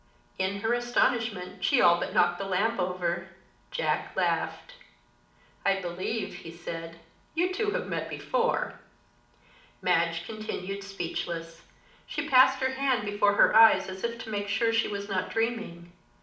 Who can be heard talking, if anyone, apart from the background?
One person.